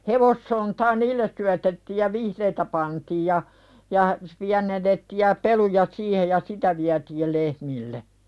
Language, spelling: Finnish, hevossontaa niille syötettiin ja vihreää pantiin ja ja pienennettiin ja peluja siihen ja sitä vietiin lehmille
- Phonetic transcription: 'hevossontaa "niilles syätettiij ja "vihreetä pantiij ja , ja , piänennettiiʲ ja 'peluja "siihej ja "sitä viätiil 'lehmille .

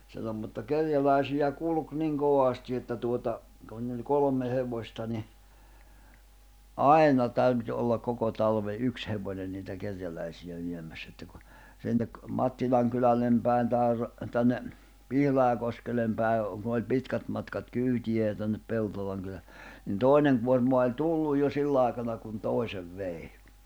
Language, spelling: Finnish, silloin mutta kerjäläisiä kulki niin kovasti että tuota kun niillä oli kolme hevosta niin aina täytyi olla koko talven yksi hevonen niitä kerjäläisiä viemässä että kun sinne Mattilan kylälle päin tai tänne Pihlajakoskelle päin kun oli pitkät matkat kyytiä ja tänne Peltolan - niin toinen kuorma oli tullut jo sillä aikana kun toiset vei
- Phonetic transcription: sillom mutta 'kerjälä̀isiʲä 'kulᵘk 'niŋ "koᵛàsti että tuota , kun niilˡ˘ᵒˡ "kolᵒm̆me 'hevośta ni , "’ai̬na 'täyty ollak 'koko talve '’yks hevoǹen niitä 'kerjälä̀isiʲä 'viem̆mäss ‿että ku , sinnek , 'Mattilaŋ kylällem pä̀i̬n tàer , 'tänne , 'Pihlaʲakoskel̆lem päi̬ , ku oĺ 'pitkät matkat 'kyytiʲä ja tännep 'Peltolaŋ kylä- , nin "tòinen kuorma oĺ "tulluj jo 'sillài̬kana kun "tòi̬sev "vei .

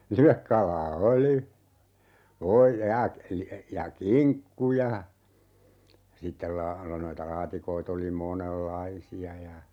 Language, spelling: Finnish, livekalaa oli - ja ja kinkku ja sitten - - noita laatikoita oli monenlaisia ja
- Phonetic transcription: 'livekkal̀aa "oli , 'oo - ja , ja "kiŋkku ja , sittel 'laa- , lo - 'noita "laatikoit ‿oli 'monel"laisi₍a ja ,.

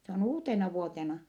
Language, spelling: Finnish, se on uutenavuotena
- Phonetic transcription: se on uutenavuotena .

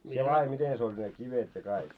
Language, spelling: Finnish, sinä laadi miten se oli ne kivet ja kaikki
- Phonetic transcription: sie laaje 'miten se oĺ ne 'kivet ja 'kaik .

